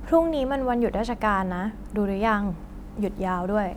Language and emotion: Thai, neutral